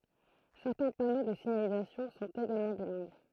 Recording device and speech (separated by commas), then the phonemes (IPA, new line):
throat microphone, read sentence
sɛʁtɛ̃ pano də siɲalizasjɔ̃ sɔ̃t eɡalmɑ̃ bilɛ̃ɡ